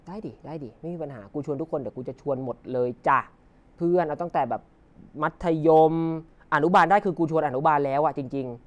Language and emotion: Thai, frustrated